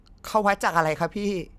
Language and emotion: Thai, sad